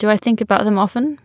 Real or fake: real